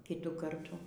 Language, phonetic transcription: Lithuanian, ˈkitų ˈkartų

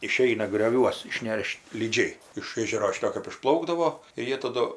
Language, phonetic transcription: Lithuanian, iˈšeina grioˈviuos išˈnešt lyˈdžiai iš ˈėžero ˈšito kɜp išˈplaukdavo ir ˈjie taˈdu

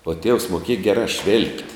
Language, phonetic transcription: Lithuanian, uo tievs moˈkieja ˈgeˌrā švil'p't'

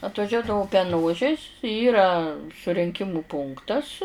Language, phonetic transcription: Lithuanian, atvaˈžiuodavu peˈnožis ˈyra surinˈkimu ˈpunktas

